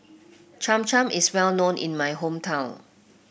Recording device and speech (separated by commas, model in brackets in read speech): boundary microphone (BM630), read sentence